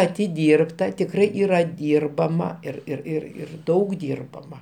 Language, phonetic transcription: Lithuanian, atiˈdyrbta tikˈrai ˈyra ˈdyrbama ir ir ˈir ir ˈdaug ˈdyrbama

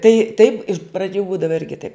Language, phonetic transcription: Lithuanian, ˈtai taip iš praˈdžių ˈbūdava ˈirgi taip

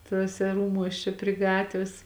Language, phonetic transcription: Lithuanian, tuoˈse ˈrūmuos ˈčia pri ˈgatvės

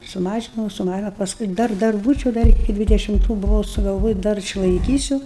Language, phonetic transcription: Lithuanian, suˈmažinau suˈmažinau pasˈkui ˈdar ˈdar ˈbūčiau ˈdar iki dvidešimˈtų buˈvau sugalˈvoji ˈdar išlaiˈkysiu

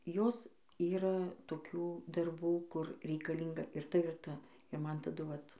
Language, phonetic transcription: Lithuanian, ˈjos ˈyra toˈkių darˈbų ˈkur reikalˈynga ir ˈta ir ˈta i ˈman taˈdu ˈvat

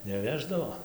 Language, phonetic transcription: Lithuanian, neˈveždavo

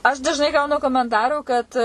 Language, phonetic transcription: Lithuanian, aš dažˈnai ˈgaunu komenˈtarų kad

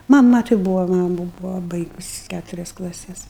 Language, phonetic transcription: Lithuanian, maˈma tai ˈbūvo ˈmamu ˈbūvo ˈbaigusi ˈkæturias klaˈses

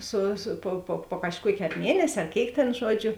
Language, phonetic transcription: Lithuanian, ˈsu su po po po kažˈkuokė ar ˈmienes' ar ˈkėik tėn ˈžuoˌdžiu

